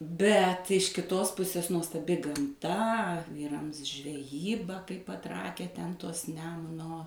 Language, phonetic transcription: Lithuanian, ˈbet iš kiˈtos ˈpusės nuostaˈbi gamˈta ˈvyrams žveˈjyba kaip paˈtrakę ˈten ˈtos ˈnemuno

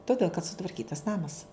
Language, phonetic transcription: Lithuanian, toˈdėl kad sutvarˈkytas ˈnamas

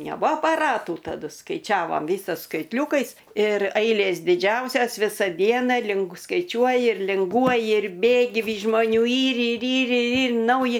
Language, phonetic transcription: Lithuanian, neˈbua apaˈratų taˈdu skaiˈčiavam ˈvysos skaitˈliūkais ir ˈailės diˈdžiausias ˈvisa ˈdiena lingu skaiˈčiuoji ir linˈguoji ir ˈbėgi ˈvys žmoˈnių ˈyr ir ˈyr ir ˈyr ˈnauji

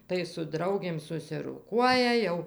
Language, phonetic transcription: Lithuanian, tai su ˈdraugėm susiroˈkuoja ˈjau

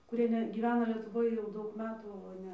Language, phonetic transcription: Lithuanian, kuˈrie ˈne gyˈvena lietuˈvoj jau ˈdaug ˈmetų o ˈne

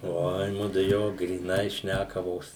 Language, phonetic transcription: Lithuanian, ˈoi ˈmudu ˈjo gryˈnai ˈšnækavos

